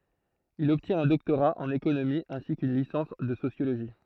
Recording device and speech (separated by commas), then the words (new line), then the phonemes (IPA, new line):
throat microphone, read sentence
Il obtient un doctorat en économie ainsi qu'une licence de sociologie.
il ɔbtjɛ̃t œ̃ dɔktoʁa ɑ̃n ekonomi ɛ̃si kyn lisɑ̃s də sosjoloʒi